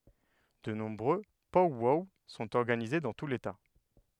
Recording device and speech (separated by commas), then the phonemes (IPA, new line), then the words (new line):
headset microphone, read sentence
də nɔ̃bʁø pɔw wɔw sɔ̃t ɔʁɡanize dɑ̃ tu leta
De nombreux pow-wow sont organisés dans tout l'État.